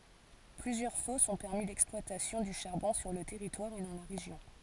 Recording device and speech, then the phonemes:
forehead accelerometer, read sentence
plyzjœʁ fɔsz ɔ̃ pɛʁmi lɛksplwatasjɔ̃ dy ʃaʁbɔ̃ syʁ lə tɛʁitwaʁ e dɑ̃ la ʁeʒjɔ̃

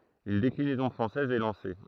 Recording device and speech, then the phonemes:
throat microphone, read sentence
yn deklinɛzɔ̃ fʁɑ̃sɛz ɛ lɑ̃se

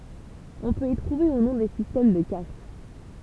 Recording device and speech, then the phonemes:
temple vibration pickup, read sentence
ɔ̃ pøt i tʁuve u nɔ̃ de sistɛm də kast

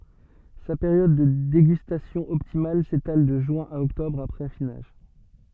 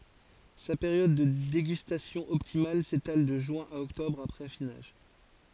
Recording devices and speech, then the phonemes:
soft in-ear microphone, forehead accelerometer, read sentence
sa peʁjɔd də deɡystasjɔ̃ ɔptimal setal də ʒyɛ̃ a ɔktɔbʁ apʁɛz afinaʒ

